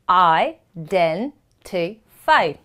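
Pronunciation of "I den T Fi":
'Identify' is said the British way, as it is spelled, with the t sounded.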